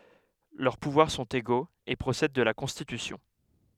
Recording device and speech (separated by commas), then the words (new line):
headset microphone, read sentence
Leurs pouvoirs sont égaux et procèdent de la Constitution.